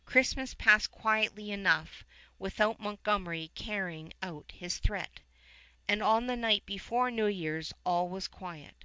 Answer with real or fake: real